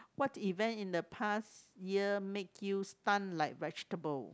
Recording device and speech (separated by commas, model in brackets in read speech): close-talking microphone, conversation in the same room